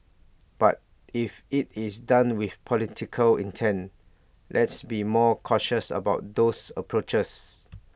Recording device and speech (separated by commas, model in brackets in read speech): boundary microphone (BM630), read sentence